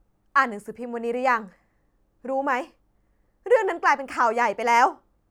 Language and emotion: Thai, angry